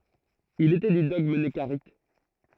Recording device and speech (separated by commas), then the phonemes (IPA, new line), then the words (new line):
throat microphone, read sentence
il etɛ dy dɔɡm nəkaʁit
Il était du dogme nekarites.